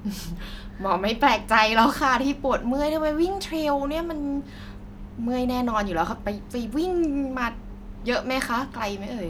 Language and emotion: Thai, happy